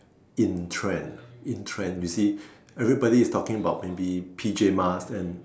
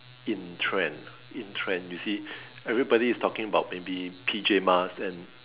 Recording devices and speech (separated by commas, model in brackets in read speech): standing microphone, telephone, conversation in separate rooms